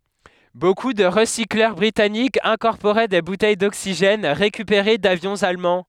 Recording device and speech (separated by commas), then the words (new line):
headset microphone, read sentence
Beaucoup de recycleurs britanniques incorporaient des bouteilles d'oxygène récupérées d'avions allemands.